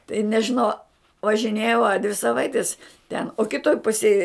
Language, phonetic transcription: Lithuanian, tai nežiˈnau važiˈnėjau a dvi saˈvaitis ten o kiˈtoj ˈpusėj

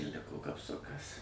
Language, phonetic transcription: Lithuanian, ir ˈliko kapˈsukas

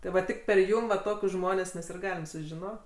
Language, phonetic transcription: Lithuanian, ti ˈva ˈtik per ˈjum va ˈtokius ˈžmones ˈmes ir ˈgalim sužiˈno

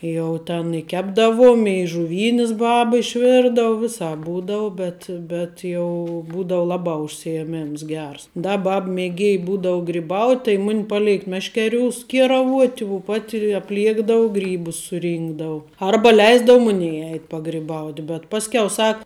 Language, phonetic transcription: Lithuanian, ˈjau ten i ˈkepdavom i žuˈvynis ˈbab išˈvirdavu ˈvisāp ˈbūdau ˈbet bet jau ˈbūdau ˈlabā užsijeˈmims ˈgers ˈda ˈbab mėˈgėj ˈbūdau griˈbaut' tai ˈmun' paˈlėk ˈmeškeˌriūs ˈkieraˌvuot' u ˈpat' apˈliekdav ˈgrybus suˈrynkdavu ˈarba ˈleisdavu ˈmunej ˈeit' pagriˈbaut' bet ˈpaskiau ˈsak

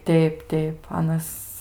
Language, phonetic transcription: Lithuanian, ˈteip ˈteip ˈanas

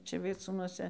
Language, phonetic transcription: Lithuanian, ˈčia vieˈcūnuose

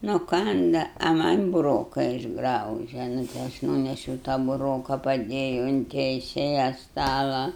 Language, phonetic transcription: Lithuanian, nuˈkanda a man' buˈroka išˈgrauže nu tai ˈaš ˈnūnešiau ta buˈroka paˈdėju un teiˈsėja ˈstala

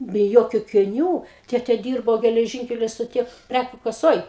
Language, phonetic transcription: Lithuanian, be ˈjokiu akiˈnių ˈtėtė ˈdyrbo geleˈžynkelio stoˈty ˈprækių kaˈsoj

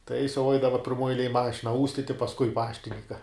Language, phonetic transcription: Lithuanian, ta jis jau ˈaidava pirˈmuoj eiˈlėj ˈmašina ˈūstiti pasˈkui ˈpaštininka

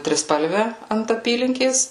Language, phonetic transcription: Lithuanian, triˈspalve ant aˈpylinkės

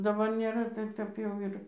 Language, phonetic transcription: Lithuanian, daˈbar nėˈra ˈtaip kaip ˈjau ir

